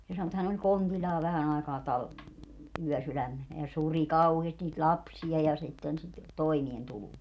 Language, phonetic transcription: Finnish, se sano että 'hän ‿oĺ "kontiĺĺaa 'vähän ‿ai̮kaa 'tal- , 'yɔ̈̀sylämmenä ja 'suri "kauheesti niit "ĺapsi₍a ja sitten sit , 'toimien'tuluu .
- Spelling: se sanoi että hän oli kontillaan vähän aikaa - yösydämenä ja suri kauheasti niitä lapsia ja sitten sitä toimeentuloa

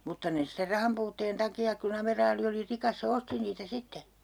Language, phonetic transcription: Finnish, 'mutta ne ster 'rahampuutteen 'taki₍ak ku'n ‿ameraali oli 'rikas se "osti niitä 'sitte .
- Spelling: mutta ne sitten rahanpuutteen takia kun amiraali oli rikas se osti niitä sitten

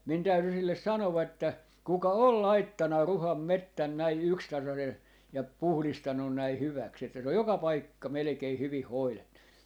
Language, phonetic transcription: Finnish, min 'täyty 'silles 'sanova että , » 'kuka "ol 'laittana "Ruham "mettän 'näi "ykstasase(n) , ja 'puhlistannun näi 'hyväks että se oj "joka "paikka melᵉkei "hyvih 'hoilettu » .
- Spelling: minun täytyi sille sanoa että kuka on laittanut Ruhan metsän näin yksitasaisen ja puhdistanut näin hyväksi että se on joka paikka melkein hyvin hoidettu

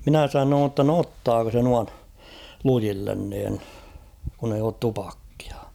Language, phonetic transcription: Finnish, 'minä 'sanoon ‿tta no "ottaako se 'nuan , 'lujillen niin , kun ‿eij ‿oot 'tupakkɪᴀ .
- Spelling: minä sanoin jotta no ottaako se noin lujille niin kun ei ole tupakkia

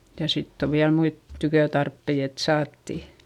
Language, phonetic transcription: Finnish, ja sitt ‿o viäl muit , tykötarppei et saatti .
- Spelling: ja sitten on vielä muita tykötarpeita että saatiin

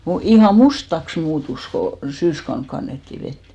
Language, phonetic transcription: Finnish, mu- , ihà "mustaks 'muutus ko , 'syyskaun 'kannetti 'vet .
- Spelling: - ihan mustaksi muuttui kun syyskautena kannettiin vettä

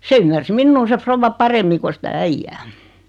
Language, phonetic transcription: Finnish, 'se ymmärs 'minnuu se 'frovva "paremmi ko sitä 'äijjää .
- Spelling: se ymmärsi minua se rouva paremmin kuin sitä äijää

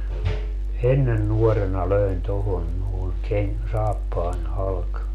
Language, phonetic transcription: Finnish, "ennen 'nuɔrena "löin 'tohon nòeŋ keŋ- , 'saappaań 'halk .
- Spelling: ennen nuorena löin tuohon noin - saappaan halki

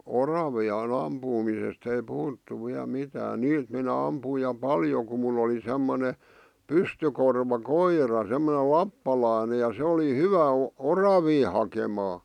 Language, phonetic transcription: Finnish, oravi₍a̳'n ‿ampuumisest ‿ei 'puhuttu viäl 'mitään 'niit minä ampuij ja "paljo ku mul ‿oli semmone , "pystykorva "koira , semmone 'lappalàⁱne ja se oli "hyvä 'o- , "oravii hakemaa .
- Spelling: oravien ampumisesta ei puhuttu vielä mitään niitä minä ammuin ja paljon kun minulla oli semmoinen pystykorva koira semmoinen lappalainen ja se oli hyvä - oravia hakemaan

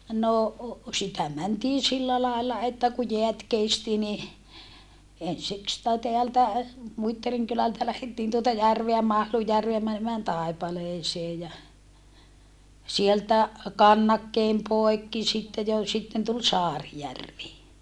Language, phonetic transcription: Finnish, no , sitä mäntii sillä làella että ku jeät kesti ni , ensik sⁱtä teältä , Muittariŋ kylältä lähettiin tuota järveä Mahlujjärveä mänemään Tàipaleesee ja , sieltä , kannakkeem poekki sitte jo , sitten tul Saarijärvi .
- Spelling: no sitä mentiin sillä lailla että kun jäät kesti niin ensin sitä täältä Muittarin kylältä lähdettiin tuota järveä Mahlunjärveä menemään Taipaleeseen ja sieltä kannakkeen poikki sitten jo sitten tuli Saarijärvi

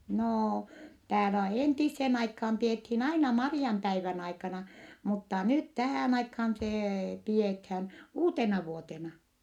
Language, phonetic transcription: Finnish, noo , täälä entissen aikham piethiin aina Mari₍ampäivän aikana , mutta nyt tähä̀n aikhan see , piethän , uutenavuotena .
- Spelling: no täällä entiseen aikaan pidettiin aina Marianpäivän aikana mutta nyt tähän aikaan se pidetään uutenavuotena

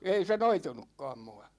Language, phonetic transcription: Finnish, 'ei se "noitunukkaam 'mua .
- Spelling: ei se noitunutkaan minua

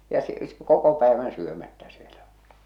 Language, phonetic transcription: Finnish, ja s- , 'koko päevän 'syömättä sielä ᴏʟɪ !
- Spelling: ja - koko päivän syömättä siellä oli

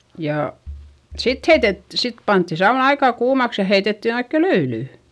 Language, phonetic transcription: Finnish, jà , sit heitet- , sit pantti saun ‿aikà kuumaks ja heitettin ‿oikke löylỳ .
- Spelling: ja sitten - sitten pantiin sauna aika kuumaksi ja heitettiin oikein löylyä

